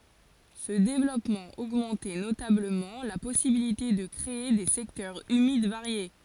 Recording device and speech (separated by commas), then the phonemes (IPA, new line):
forehead accelerometer, read sentence
sə devlɔpmɑ̃ oɡmɑ̃tɛ notabləmɑ̃ la pɔsibilite də kʁee de sɛktœʁz ymid vaʁje